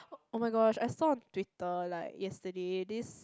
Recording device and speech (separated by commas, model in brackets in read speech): close-talking microphone, conversation in the same room